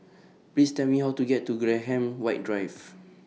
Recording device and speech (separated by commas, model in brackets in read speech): mobile phone (iPhone 6), read sentence